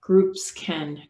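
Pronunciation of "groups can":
In 'groups can', the s at the end of 'groups' links straight into the k sound of 'can'.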